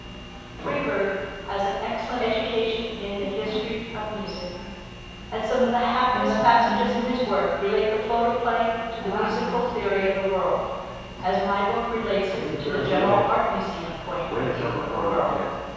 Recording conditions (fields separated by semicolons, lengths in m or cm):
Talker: one person; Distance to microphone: 7.1 m; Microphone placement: far; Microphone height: 1.7 m; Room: very reverberant, large; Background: television